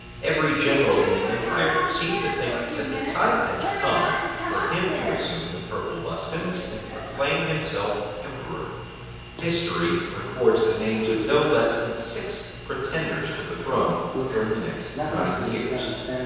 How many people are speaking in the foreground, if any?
One person.